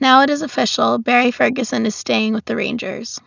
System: none